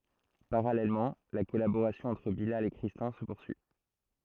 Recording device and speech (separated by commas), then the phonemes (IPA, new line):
throat microphone, read sentence
paʁalɛlmɑ̃ la kɔlaboʁasjɔ̃ ɑ̃tʁ bilal e kʁistɛ̃ sə puʁsyi